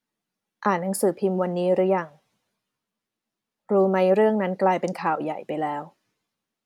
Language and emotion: Thai, neutral